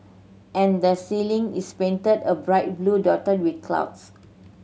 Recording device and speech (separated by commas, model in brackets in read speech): mobile phone (Samsung C7100), read sentence